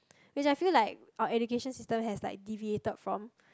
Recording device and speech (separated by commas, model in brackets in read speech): close-talking microphone, conversation in the same room